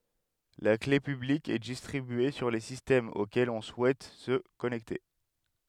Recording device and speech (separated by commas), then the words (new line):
headset microphone, read sentence
La clé publique est distribuée sur les systèmes auxquels on souhaite se connecter.